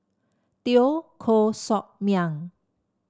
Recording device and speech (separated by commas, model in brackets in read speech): standing microphone (AKG C214), read sentence